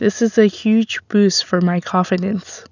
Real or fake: real